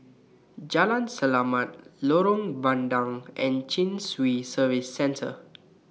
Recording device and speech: mobile phone (iPhone 6), read sentence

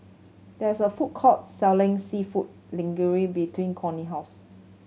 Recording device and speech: mobile phone (Samsung C7100), read sentence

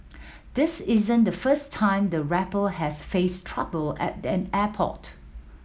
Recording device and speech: mobile phone (iPhone 7), read sentence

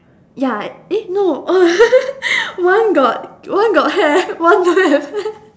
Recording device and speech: standing microphone, conversation in separate rooms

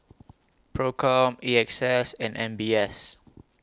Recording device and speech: close-talking microphone (WH20), read sentence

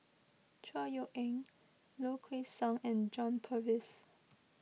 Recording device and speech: mobile phone (iPhone 6), read sentence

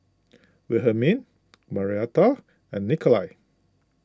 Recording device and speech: close-talking microphone (WH20), read sentence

